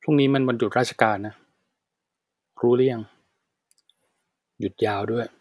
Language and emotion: Thai, frustrated